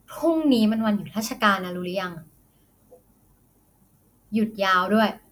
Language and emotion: Thai, frustrated